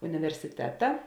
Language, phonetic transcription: Lithuanian, universiˈteta

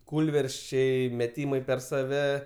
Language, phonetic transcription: Lithuanian, ˈkūlversčiai meˈtymai per saˈve

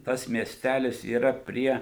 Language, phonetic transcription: Lithuanian, ˈtas mieˈstælis yˈra ˈprie

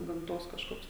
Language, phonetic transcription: Lithuanian, gamˈtos kažˈkoks

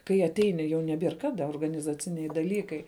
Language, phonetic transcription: Lithuanian, kai aˈteini jau neˈbier ˈkada organizaˈciniai daˈlykai

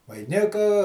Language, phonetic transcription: Lithuanian, vaiˈnika

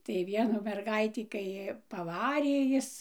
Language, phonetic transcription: Lithuanian, tai ˈvienų merˈgaitį kai paˈvarė ˈjis

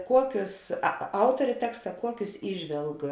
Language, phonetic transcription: Lithuanian, ˈkuokius a ˈautorė ˈteksta ˈkuokius ˈįžvelg

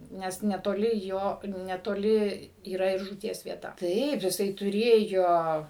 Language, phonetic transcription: Lithuanian, ˈnes netoˈli ˈjo netoˈli yˈra ir žūˈties vieˈta ˈtaip jiˈsai tuˈrėjo

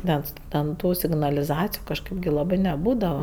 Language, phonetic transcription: Lithuanian, ˈnes ten ˈtų signaliˈzaciju kažˈkɜp gi laˈbɜ neˈbūdava

